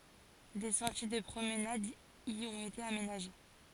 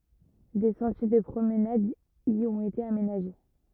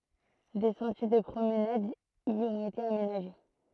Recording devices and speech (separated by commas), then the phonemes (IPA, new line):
forehead accelerometer, rigid in-ear microphone, throat microphone, read sentence
de sɑ̃tje də pʁomnad i ɔ̃t ete amenaʒe